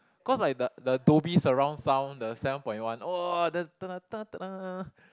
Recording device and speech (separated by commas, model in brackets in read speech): close-talking microphone, conversation in the same room